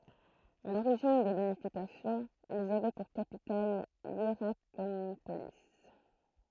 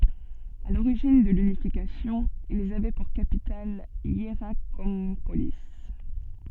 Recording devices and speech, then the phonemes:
throat microphone, soft in-ear microphone, read sentence
a loʁiʒin də lynifikasjɔ̃ ilz avɛ puʁ kapital jeʁakɔ̃poli

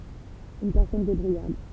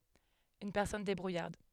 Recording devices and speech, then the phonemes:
temple vibration pickup, headset microphone, read sentence
yn pɛʁsɔn debʁujaʁd

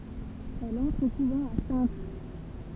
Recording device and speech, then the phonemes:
temple vibration pickup, read sentence
ɛl ɑ̃tʁ o kuvɑ̃ a sɛ̃t

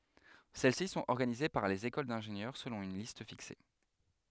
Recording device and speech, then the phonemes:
headset microphone, read sentence
sɛl si sɔ̃t ɔʁɡanize paʁ lez ekol dɛ̃ʒenjœʁ səlɔ̃ yn list fikse

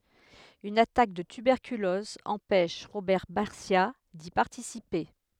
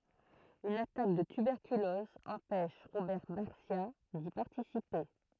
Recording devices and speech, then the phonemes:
headset microphone, throat microphone, read sentence
yn atak də tybɛʁkylɔz ɑ̃pɛʃ ʁobɛʁ baʁsja di paʁtisipe

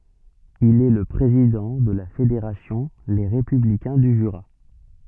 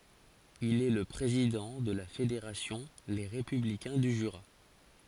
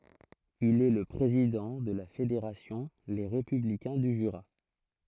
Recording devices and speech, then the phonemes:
soft in-ear microphone, forehead accelerometer, throat microphone, read sentence
il ɛ lə pʁezidɑ̃ də la fedeʁasjɔ̃ le ʁepyblikɛ̃ dy ʒyʁa

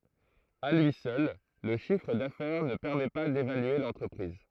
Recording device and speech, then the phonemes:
throat microphone, read sentence
a lyi sœl lə ʃifʁ dafɛʁ nə pɛʁmɛ pa devalye lɑ̃tʁəpʁiz

